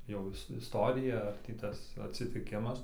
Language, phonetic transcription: Lithuanian, jau ˈis isˈtorija ar ˈtį ˈtas atsitiˈkimas

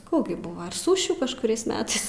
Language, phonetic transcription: Lithuanian, ˈkų gi ˈbuvo ir ˈsušių kažkuˈriais ˈmetais

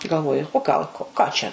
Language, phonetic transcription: Lithuanian, galˈvoju o ˈgal ko ˈką čia

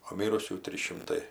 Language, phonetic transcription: Lithuanian, o ˈmyrusių ˈtrys šimˈtai

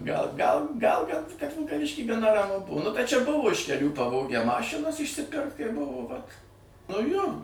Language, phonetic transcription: Lithuanian, gal gal gal kad kad vilkaˈvišky gaˈna raˈmu ˈbuu nu bet čia ˈbuvo iš keˈlių paˈvogę ˈmašinas išsiˈpirkt kai ˈbuvo vat nu jo

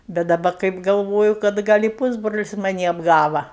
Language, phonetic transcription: Lithuanian, bet daˈba kaip galˈvoju kad ˈgal' i ˈpūsbrolis maˈnį apˈgava

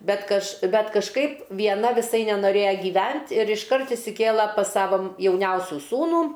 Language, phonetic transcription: Lithuanian, ˈbet kaž ˈbet kažˈkaip vieˈna viˈsai nenoˈrėja giˈvent ir išˈkart išsiˈkėla pas ˈsavo m jauˈniausiu ˈsūnų

